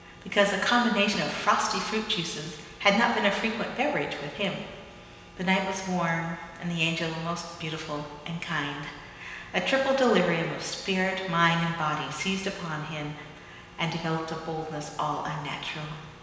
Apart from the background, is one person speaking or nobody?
One person.